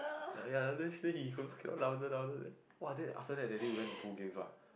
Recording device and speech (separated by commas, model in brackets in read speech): boundary microphone, conversation in the same room